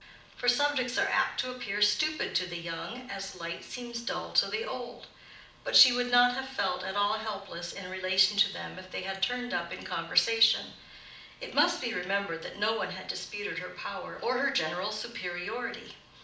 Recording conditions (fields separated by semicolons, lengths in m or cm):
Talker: one person; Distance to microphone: 2.0 m; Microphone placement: close; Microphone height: 99 cm; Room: medium-sized (5.7 m by 4.0 m); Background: none